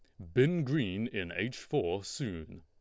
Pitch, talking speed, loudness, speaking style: 110 Hz, 160 wpm, -33 LUFS, Lombard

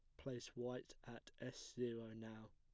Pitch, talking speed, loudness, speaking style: 120 Hz, 155 wpm, -51 LUFS, plain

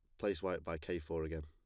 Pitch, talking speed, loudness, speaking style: 80 Hz, 290 wpm, -41 LUFS, plain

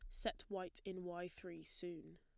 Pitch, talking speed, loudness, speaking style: 180 Hz, 180 wpm, -48 LUFS, plain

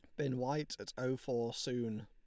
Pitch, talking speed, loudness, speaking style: 125 Hz, 195 wpm, -39 LUFS, Lombard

